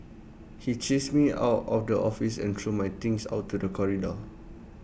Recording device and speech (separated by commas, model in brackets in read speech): boundary microphone (BM630), read sentence